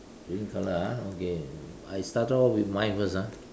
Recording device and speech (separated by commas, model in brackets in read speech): standing microphone, conversation in separate rooms